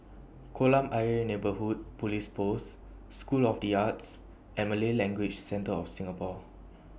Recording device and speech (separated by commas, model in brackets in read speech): boundary microphone (BM630), read sentence